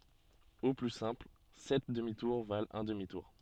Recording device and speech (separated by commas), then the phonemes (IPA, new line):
soft in-ear microphone, read sentence
o ply sɛ̃pl sɛt dəmi tuʁ valt œ̃ dəmi tuʁ